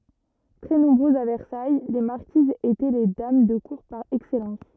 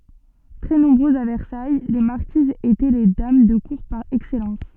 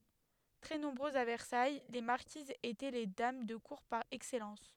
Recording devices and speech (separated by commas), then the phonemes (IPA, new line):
rigid in-ear microphone, soft in-ear microphone, headset microphone, read sentence
tʁɛ nɔ̃bʁøzz a vɛʁsaj le maʁkizz etɛ le dam də kuʁ paʁ ɛksɛlɑ̃s